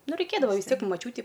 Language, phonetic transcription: Lithuanian, ˈnu raiˈkėdavo vis ˈtiek i maˈčiūti

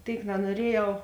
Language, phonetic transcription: Lithuanian, ˈtėik nanuoˈriejau

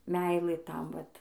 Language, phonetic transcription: Lithuanian, ˈmeilɘ ˈtam ˈvat

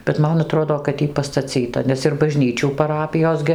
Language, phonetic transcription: Lithuanian, bet ˈman aˈtrodo kad ˈjy pastaˈcyta nes ir baˈžnyčių paˈrapijos gi

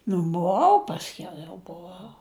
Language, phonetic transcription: Lithuanian, nu buˈvau ˈpasˌkiau jau buˈvau

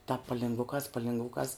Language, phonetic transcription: Lithuanian, tāp palingˈvukās palvingˈvukās

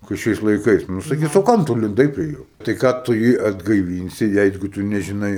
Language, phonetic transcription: Lithuanian, kai ˈšiais laiˈkais nu saˈkis o ˈkam tu linˈdai prie ˈjo tai ˈką tu ˈjį atgaiˈvynsi ˈjeigu ˈtu nežiˈnai

